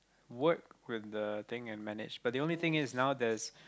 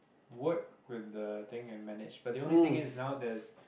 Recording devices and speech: close-talking microphone, boundary microphone, conversation in the same room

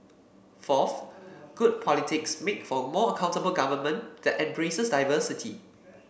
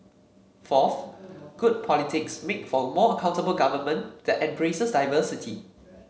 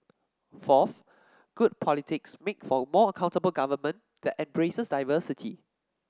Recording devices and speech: boundary microphone (BM630), mobile phone (Samsung C7), standing microphone (AKG C214), read sentence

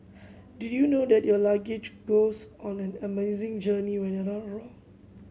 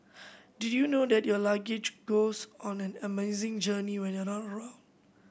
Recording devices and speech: mobile phone (Samsung C7100), boundary microphone (BM630), read sentence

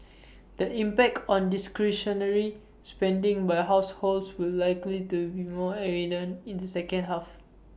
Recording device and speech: boundary microphone (BM630), read sentence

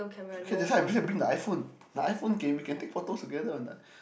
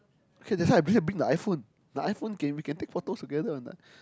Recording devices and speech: boundary microphone, close-talking microphone, conversation in the same room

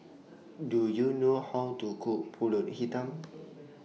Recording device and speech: mobile phone (iPhone 6), read sentence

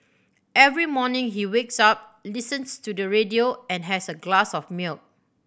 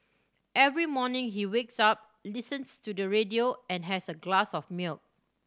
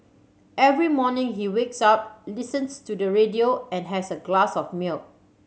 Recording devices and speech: boundary microphone (BM630), standing microphone (AKG C214), mobile phone (Samsung C7100), read sentence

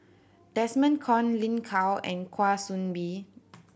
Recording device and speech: boundary microphone (BM630), read sentence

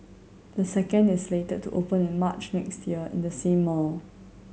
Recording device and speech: mobile phone (Samsung C7100), read sentence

